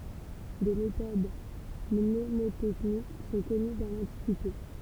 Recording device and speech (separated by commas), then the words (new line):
temple vibration pickup, read sentence
Des méthodes mnémotechniques sont connues dans l'Antiquité.